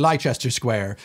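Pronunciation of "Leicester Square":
'Leicester Square' is pronounced incorrectly here.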